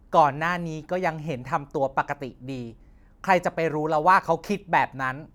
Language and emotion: Thai, neutral